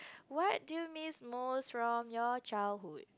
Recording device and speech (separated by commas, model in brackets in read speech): close-talking microphone, conversation in the same room